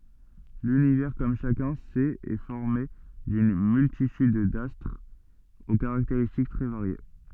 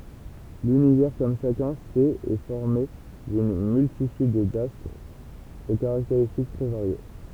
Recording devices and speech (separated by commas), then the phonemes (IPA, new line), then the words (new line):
soft in-ear microphone, temple vibration pickup, read sentence
lynivɛʁ kɔm ʃakœ̃ sɛt ɛ fɔʁme dyn myltityd dastʁz o kaʁakteʁistik tʁɛ vaʁje
L'Univers, comme chacun sait, est formé d'une multitude d'astres aux caractéristiques très variées.